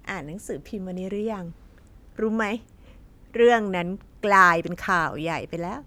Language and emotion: Thai, happy